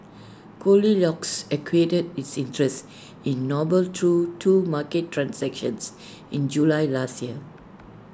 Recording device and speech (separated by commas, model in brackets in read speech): standing microphone (AKG C214), read sentence